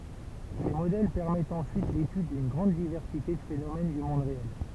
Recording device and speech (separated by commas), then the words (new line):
temple vibration pickup, read sentence
Ces modèles permettent ensuite l'étude d'une grande diversité de phénomène du monde réel.